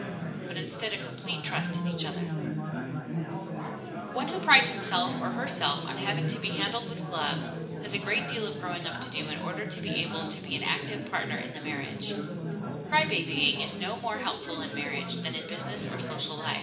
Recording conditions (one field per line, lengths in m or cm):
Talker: one person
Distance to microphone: 1.8 m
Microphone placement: close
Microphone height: 1.0 m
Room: large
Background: babble